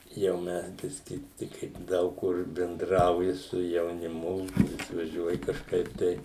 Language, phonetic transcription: Lithuanian, jau ˈmes ˈbiski ˈtik kai ˈdaug kur benˈdrauji su jauniˈmu išvaˈžiuoji kažˈkaip tai

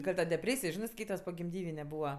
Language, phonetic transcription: Lithuanian, gal' ˈta deˈprėsij ˈžinɜ ˈskaitas pogimˈdyvine ˈbūva

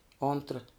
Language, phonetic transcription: Lithuanian, ˈontra

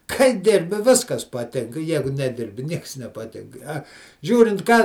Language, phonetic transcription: Lithuanian, kai ˈdirbi ˈviskas paˈtinka ˈjegu neˈdirbi ˈnieks nepaˈtink a ˈžiūrint ką

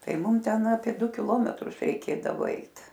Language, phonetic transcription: Lithuanian, ˈtai ˈmum ˈten apie ˈdu kiˈlometrus reiˈkėdavo ˈeit

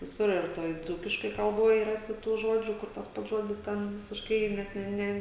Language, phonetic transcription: Lithuanian, viˈsur ir ˈtoj ˈdzūkiškoj kalˈboj ˈrasi tų ˈžodžių ˈkur tas ˈpats ˈžodis ˈten visišˈkai ˈnet ne ˈne

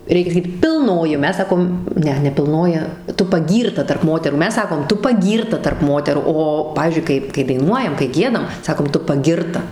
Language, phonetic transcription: Lithuanian, ˈreikia saˈkyt pilˈnoji o ˈmes ˈsakom ˈne ne pilˈnoji ˈtu paˈgyrta tarp ˈmoterų ˈmes ˈsakom ˈtu paˈgyrta tarp ˈmoterų ˈo ˈpavyzdžiui ˈkai kai daiˈnuojam kai ˈgiedam ˈsakom ˈtu paˈgirta

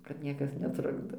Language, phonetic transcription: Lithuanian, kad ˈniekas neˈtrukdo

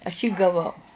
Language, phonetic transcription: Lithuanian, aš jį gaˈvau

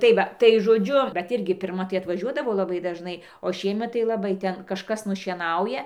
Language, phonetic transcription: Lithuanian, tai ˈva tai žoˈdžiu bet ˈirgi pirˈma tai atvaˈžiuodavo laˈbai dažˈnai o ˈšiemet tai laˈbai ˈten kažˈkas nušieˈnauja

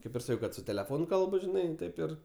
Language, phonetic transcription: Lithuanian, ˈkaip ir ˈsakiau ˈkad su teleˈfonu ˈkalbu žiˈnai ˈtaip ir

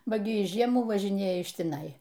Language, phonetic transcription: Lithuanian, ˈba ˈgi ˈjis ˈžiemų važiˈnėja iš tiˈnai

